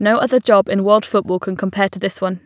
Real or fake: real